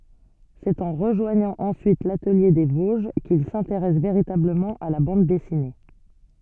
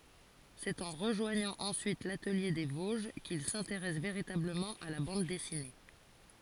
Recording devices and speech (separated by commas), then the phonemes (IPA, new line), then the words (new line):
soft in-ear microphone, forehead accelerometer, read sentence
sɛt ɑ̃ ʁəʒwaɲɑ̃ ɑ̃syit latəlje de voʒ kil sɛ̃teʁɛs veʁitabləmɑ̃ a la bɑ̃d dɛsine
C'est en rejoignant ensuite l'Atelier des Vosges qu'il s'intéresse véritablement à la bande dessinée.